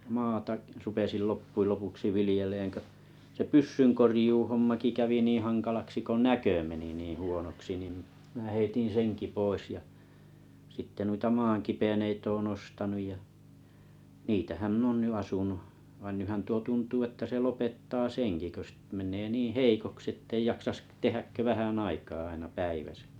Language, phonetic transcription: Finnish, maata’ , rupesil 'loppuil 'lopuksi 'vilⁱjeleŋ kö , se "pyssyŋkorⁱjuuhommaki kävi 'niiḭ 'haŋkalaksi ko "näkö meni niiḭ 'huonoksi nim , mⁱnᵃ̈ 'heitin̬ "seŋki 'pois ja , sitte nuita 'maaŋkipeneit toon 'ostanuj ja , 'niitähäm mⁱn ‿oon ny 'asunuh , vain nyhän 'tuo 'tuntuu että se 'lopettaa "seŋki kö st- 'men̆nee niiⁱ̰ "heikoksⁱ ettei jaksas k- 'tehäk kö 'vähänn ‿aikaa aina 'päiväsä .
- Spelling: maata rupesin loppujen lopuksi viljelemään kun se pyssynkorjuuhommakin kävi niin hankalaksi kun näkö meni niin huonoksi niin minä heitin senkin pois ja sitten noita maankipeneitä olen ostanut ja niitähän minä olen nyt asunut vaan nythän tuo tuntuu että se lopettaa senkin kun - menee niin heikoksi että ei jaksaisi - tehdä kuin vähän aikaa aina päivässä

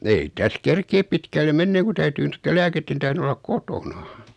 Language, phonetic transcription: Finnish, 'ei 'täs "kerkeep pitkälle "menneeᵑ ku 'täytyy nottel 'lääketten tähren 'ollaᵏ "kotona .
- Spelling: ei tässä kerkeä pitkälle menemään kun täytyy noiden lääkkeiden tähden olla kotona

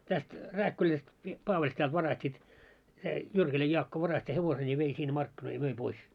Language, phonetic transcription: Finnish, täst , 'Rääkkyläst , mi- , 'Paavaĺsetält 'varastiit , se , 'Jyrkiläj 'Jaakko 'varasti 'hevoseń ja vei sinne 'markkinoi ja 'möi 'pois .
- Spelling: tästä Rääkkylästä - Paavali-sedältä varastettiin se Jyrkilän Jaakko varasti hevosen ja vei sinne markkinoille ja myi pois

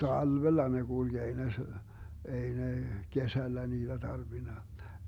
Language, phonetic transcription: Finnish, 'talvella ne 'GulG ei ne se- , 'ei ne , 'kesällä niiDä 'tarvina .
- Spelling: talvella ne kulki ei ne - ei ne kesällä niitä tarvinnut

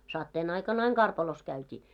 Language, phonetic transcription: Finnish, 'satteen ‿aikan ‿aiŋ "karpalos 'käyt́ii .
- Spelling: sateen aikana aina karpalossa käytiin

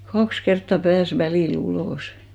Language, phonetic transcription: Finnish, 'kaks 'kertta "pääs 'välì'l ‿ulòsɪ .
- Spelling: kaksi kertaa pääsi välillä ulos

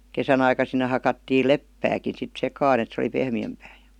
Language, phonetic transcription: Finnish, 'kesän ‿aika sinne hakattiil "leppääkin̬ sit "sekaan ‿et se oli 'pehmi₍ämpää jA .
- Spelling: kesän aikaan sinne hakattiin leppääkin sitten sekaan että se oli pehmeämpää ja

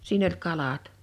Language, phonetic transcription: Finnish, 'siin ‿oĺ 'kalat .
- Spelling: siinä oli kalat

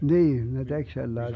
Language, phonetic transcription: Finnish, 'niin , ne 'tek sellaese ,.
- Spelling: niin ne teki sellaisen

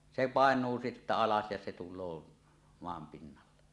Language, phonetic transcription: Finnish, 'se "pàeǹuu sittä 'alas ja se tul̆loo , 'moam pinnalle .
- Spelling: se painuu sitten alas ja se tulee maan pinnalle

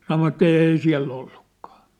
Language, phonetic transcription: Finnish, sanovatᵗ‿ » 'èi siä̭l'l ‿ollukkᴀᴀ . «
- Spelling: sanoivat ei siellä ollutkaan

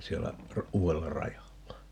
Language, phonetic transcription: Finnish, 'siellä , 'uu₍ella "rajalla .
- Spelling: siellä uudella rajalla

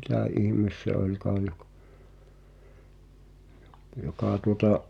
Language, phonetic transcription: Finnish, 'mitä̀ ihⁱmes se '’oĺkaa jok- , (ᴊᴏ-) 'jokà tuota’ ,?
- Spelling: mitä ihme se olikaan - - joka tuota

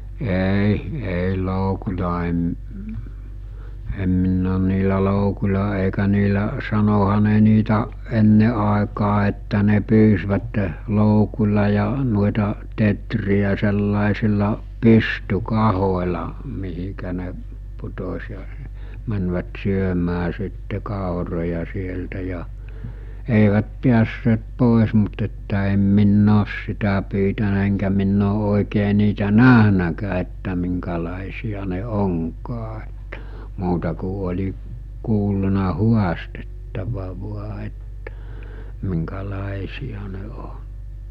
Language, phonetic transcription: Finnish, 'èi , 'èi 'loukuĺa em m- , em minn ‿oon niilä 'loukuĺ̜a èikä niilä , sanoha ne niitä , 'enne ’aekaa että ne 'pyysvätte , 'loukul̜a ja nuoeta , 'tetri₍ä sellàesilla , "pysty'kahol̜a , mihikä ne , putos̜ ja , mänvät 'syömää sitte 'kàoroja sieltä ja , èivät 'piässeet 'pòes mut että em 'minn ‿oos 'sitä pyytänä eŋkä minn ‿oo ’òikee niitä "näɦnäkää että miŋka͕làesi₍a ne 'oŋkaa (että) , 'muuta ku oĺi , 'kuulluna 'huastettava 'vua ettᴀ̈ , miŋka͕'làesija ne 'o(ɴ) .
- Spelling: ei ei loukulla en - en minä olen niillä loukuilla eikä niillä sanoihan ne niitä ennen aikaa että ne pyysivät loukulla ja noita teeriä sellaisilla pystykahoilla mihin ne putosi ja menivät syömään sitten kauroja sieltä ja eivät päässeet pois mutta että en minä ole sitä pyytänyt enkä minä ole oikein niitä nähnytkään että minkälaisia ne onkaan että muuta kuin oli kuullut haastettava vain että minkälaisia ne on

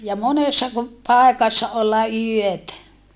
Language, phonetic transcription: Finnish, ja monessa ku , pàekassa olla yötä .
- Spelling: ja monessa kun paikassa olla yötä

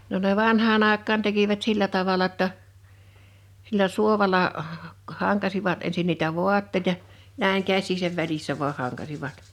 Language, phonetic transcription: Finnish, no ne 'vanhaa'n ‿àek̆kaan tekivät 'sillä tavala ‿ttə , 'sillä 'suovala , 'haŋkasivat ensin niitä 'vuatteⁱta , 'näiŋ 'käs̆siisäv 'välissä vuaʰ 'haŋkasivat .
- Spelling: no ne vanhaan aikaan tekivät sillä tavalla että sillä suovalla hankasivat ensin niitä vaatteita näin käsiensä välissä vain hankasivat

